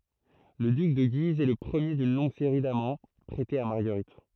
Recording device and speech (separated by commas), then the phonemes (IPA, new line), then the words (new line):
throat microphone, read sentence
lə dyk də ɡiz ɛ lə pʁəmje dyn lɔ̃ɡ seʁi damɑ̃ pʁɛtez a maʁɡəʁit
Le duc de Guise est le premier d’une longue série d'amants prêtés à Marguerite.